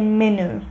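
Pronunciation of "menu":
'Menu' is pronounced incorrectly here.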